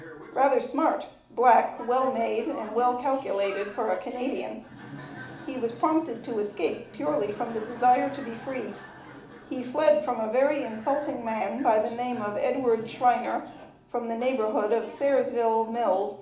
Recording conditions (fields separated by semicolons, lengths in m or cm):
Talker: one person; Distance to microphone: 2.0 m; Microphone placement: close; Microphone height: 99 cm; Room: medium-sized (5.7 m by 4.0 m); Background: television